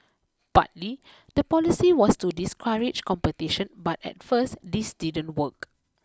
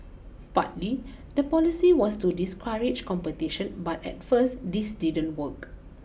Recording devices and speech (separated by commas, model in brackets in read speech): close-talking microphone (WH20), boundary microphone (BM630), read sentence